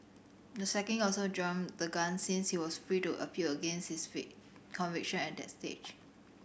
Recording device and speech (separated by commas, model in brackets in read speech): boundary microphone (BM630), read sentence